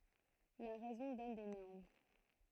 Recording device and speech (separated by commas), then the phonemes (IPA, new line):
throat microphone, read sentence
la ʁɛzɔ̃ dɔn de nɔʁm